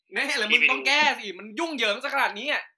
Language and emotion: Thai, angry